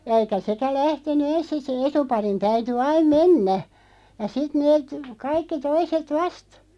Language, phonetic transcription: Finnish, ja 'eikä 'sekä 'lähten̆ny "ens (sis) se'n ‿etuparin 'täyty 'aim "mennä , ja 'sit 'neet , 'kaikki 'toiset "vast .
- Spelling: ja eikä sekään lähtenyt ensin - sen etuparin täytyi aina mennä ja sitten ne kaikki toiset vasta

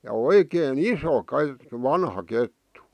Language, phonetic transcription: Finnish, ja "oikee"n ‿iso 'ke- , "vanha 'kettu .
- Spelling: ja oikein iso - vanha kettu

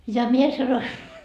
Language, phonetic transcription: Finnish, ja 'mie sanoi ,.
- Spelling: ja minä sanoin

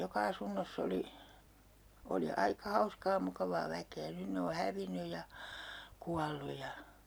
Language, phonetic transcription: Finnish, 'joka 'asunnoss ‿oli , oli 'aika "hauskaa 'mukavaa 'väkee 'nyn ne o 'hävinnyj̆ ja , 'kuallu ja , .
- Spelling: joka asunnossa oli oli aika hauskaa mukavaa väkeä nyt ne on hävinnyt ja kuollut ja

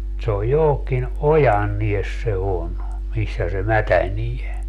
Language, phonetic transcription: Finnish, se oj 'johokkin , "ojannies se 'on , 'missä se 'mätänie .
- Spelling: se on johonkin ojanne se on missä se mätänee

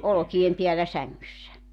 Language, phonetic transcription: Finnish, 'olᵒki₍em 'piällä 'säŋŋyssä .
- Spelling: olkien päällä sängyssä

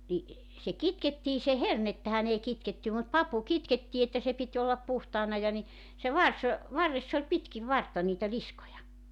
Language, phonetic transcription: Finnish, ni , se "kitkettii se "hernettähän ‿ei 'kitkettä mut "papu "kitkettii että se 'pit́ ollap 'puhtaana ja ni , se "vars , 'varress ‿oĺ 'pitkiv "vartta niitä "liskoja .
- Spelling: niin se kitkettiin se hernettähän ei kitketä mutta papu kitkettiin että se piti olla puhtaana ja niin se varsi varressa oli pitkin vartta niitä liskoja

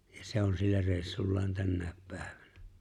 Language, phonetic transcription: Finnish, ja 'se on 'sillä 'reeisullaan 'tännä̀ep 'pä̀ᴇᴠᴀ̈ɴᴀ̈ .
- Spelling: ja se on sillä reissullaan tänäkin päivänä

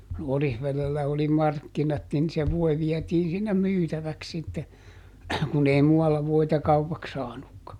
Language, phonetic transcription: Finnish, ˈOrihvelellä oli "markkinat nin se ˈvoi ˈviɛtiin sinnem "myytäväks sitte , kun ei ˈmu₍alla voita "kaupaks ˈsaanukka .
- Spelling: Orivedellä oli markkinat niin se voi vietiin sinne myytäväksi sitten kun ei muualla voita kaupaksi saanutkaan

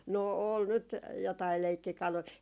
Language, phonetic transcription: Finnish, 'no , ol nyt , jotai 'leikkikalui ,.
- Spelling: no oli nyt jotakin leikkikaluja

